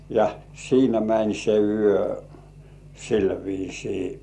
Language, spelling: Finnish, ja siinä meni se yö sillä viisiin
- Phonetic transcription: ja 'siinä mäń se "yö , 'sil viisii .

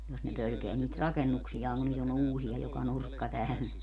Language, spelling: Finnish, jos ne pelkää niitä rakennuksiaan kun nyt on uusia joka nurkka täynnä
- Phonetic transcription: jos ne 'pölkeä niit "rakennuksijaaŋ kun nyt ‿on "uusi₍a joka "nurkka 'täynä .

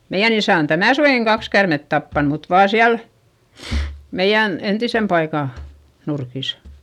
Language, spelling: Finnish, meidän isä on tänä suvenakin kaksi käärmettä tappanut mutta vain siellä meidän entisen paikan nurkissa
- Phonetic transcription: meiʲän ‿isä̀ on tänä̀ suvèŋkiŋ kaks kärmet tappan mut vaa siäl , meiʲän , entisem paikà , nurkisa .

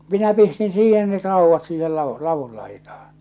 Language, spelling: Finnish, minä pistin siihen ne raudat siihen ladun ladun laitaan
- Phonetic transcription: minä pistin 'siihen net 'rauvvat siihel 'lavu , 'lavul laitahᴀɴ .

